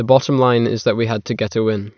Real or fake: real